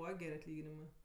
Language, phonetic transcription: Lithuanian, ˈbūva ˈger' atˈlyginimɜ

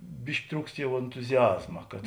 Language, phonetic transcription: Lithuanian, ˈbiški ˈtrūkst ˈjau entuziˈazma kad

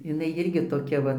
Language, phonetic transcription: Lithuanian, jiˈnai ˈjirgi toˈkia va

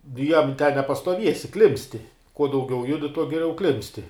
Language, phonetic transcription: Lithuanian, nu ˈjam ten nepastuoˈviesi ˈklimpsti kuo dauˈgiau ˈjudi tuo giˈliau ˈklimpsti

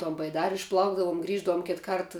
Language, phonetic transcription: Lithuanian, ton baiˈdari išˈplaukdavum ˈgrįždavum ˈkit ˈkart

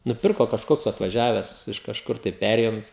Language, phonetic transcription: Lithuanian, nuˈpirko kažˈkoks atvaˈžiaves iš kažˈkur tai ˈperėjunc

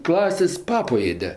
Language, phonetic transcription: Lithuanian, ˈklasės' ˈpapo ˈėde

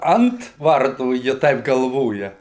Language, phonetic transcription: Lithuanian, ˈant ˈvartų ji ˈtaip galˈvoja

